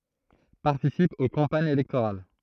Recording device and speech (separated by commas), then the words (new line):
throat microphone, read sentence
Participe aux campagnes électorales.